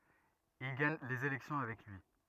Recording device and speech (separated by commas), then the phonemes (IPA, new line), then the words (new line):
rigid in-ear microphone, read sentence
il ɡaɲ lez elɛksjɔ̃ avɛk lyi
Il gagne les élections avec lui.